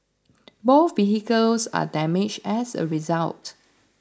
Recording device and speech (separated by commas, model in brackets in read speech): standing microphone (AKG C214), read sentence